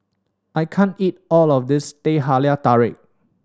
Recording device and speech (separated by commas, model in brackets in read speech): standing microphone (AKG C214), read sentence